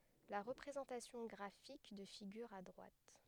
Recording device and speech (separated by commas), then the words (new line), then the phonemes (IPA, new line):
headset microphone, read sentence
La représentation graphique de figure à droite.
la ʁəpʁezɑ̃tasjɔ̃ ɡʁafik də fiɡyʁ a dʁwat